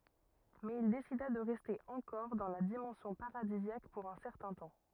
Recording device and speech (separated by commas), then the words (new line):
rigid in-ear microphone, read sentence
Mais il décida de rester encore dans la dimension paradisiaque pour un certain temps.